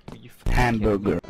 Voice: weird voice